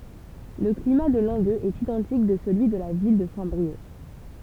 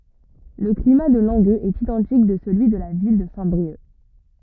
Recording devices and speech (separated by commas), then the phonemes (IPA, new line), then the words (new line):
temple vibration pickup, rigid in-ear microphone, read sentence
lə klima də lɑ̃ɡøz ɛt idɑ̃tik də səlyi də la vil də sɛ̃tbʁiœk
Le climat de Langueux est identique de celui de la ville de Saint-Brieuc.